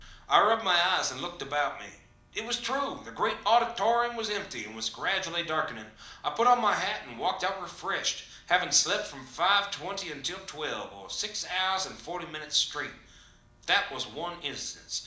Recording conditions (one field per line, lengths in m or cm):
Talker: one person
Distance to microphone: 2.0 m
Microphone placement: close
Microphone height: 99 cm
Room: medium-sized (5.7 m by 4.0 m)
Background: none